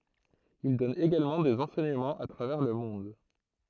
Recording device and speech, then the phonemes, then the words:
throat microphone, read sentence
il dɔn eɡalmɑ̃ dez ɑ̃sɛɲəmɑ̃z a tʁavɛʁ lə mɔ̃d
Il donne également des enseignements à travers le monde.

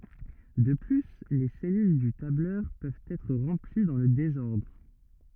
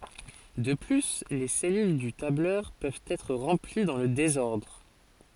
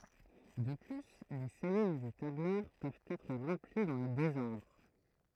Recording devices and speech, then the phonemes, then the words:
rigid in-ear microphone, forehead accelerometer, throat microphone, read sentence
də ply le sɛlyl dy tablœʁ pøvt ɛtʁ ʁɑ̃pli dɑ̃ lə dezɔʁdʁ
De plus, les cellules du tableur peuvent être remplies dans le désordre.

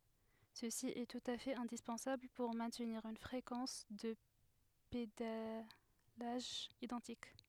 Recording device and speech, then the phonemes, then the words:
headset microphone, read sentence
səsi ɛ tut a fɛt ɛ̃dispɑ̃sabl puʁ mɛ̃tniʁ yn fʁekɑ̃s də pedalaʒ idɑ̃tik
Ceci est tout à fait indispensable pour maintenir une fréquence de pédalage identique.

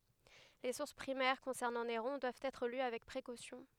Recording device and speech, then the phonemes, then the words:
headset microphone, read sentence
le suʁs pʁimɛʁ kɔ̃sɛʁnɑ̃ neʁɔ̃ dwavt ɛtʁ ly avɛk pʁekosjɔ̃
Les sources primaires concernant Néron doivent être lues avec précaution.

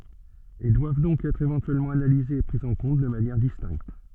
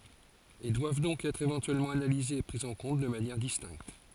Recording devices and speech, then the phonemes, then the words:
soft in-ear microphone, forehead accelerometer, read sentence
e dwav dɔ̃k ɛtʁ evɑ̃tyɛlmɑ̃ analizez e pʁi ɑ̃ kɔ̃t də manjɛʁ distɛ̃kt
Et doivent donc être éventuellement analysés et pris en compte de manière distincte.

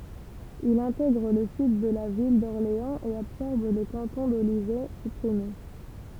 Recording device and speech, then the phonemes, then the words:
temple vibration pickup, read sentence
il ɛ̃tɛɡʁ lə syd də la vil dɔʁleɑ̃z e absɔʁb lə kɑ̃tɔ̃ dolivɛ sypʁime
Il intègre le Sud de la ville d'Orléans et absorbe le canton d'Olivet, supprimé.

